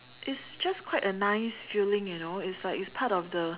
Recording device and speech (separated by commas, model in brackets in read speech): telephone, conversation in separate rooms